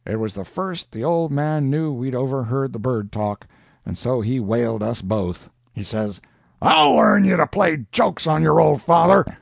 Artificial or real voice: real